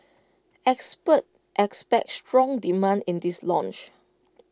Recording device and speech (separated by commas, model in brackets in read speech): close-talking microphone (WH20), read sentence